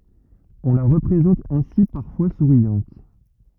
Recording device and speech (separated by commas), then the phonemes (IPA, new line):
rigid in-ear microphone, read sentence
ɔ̃ la ʁəpʁezɑ̃t ɛ̃si paʁfwa suʁjɑ̃t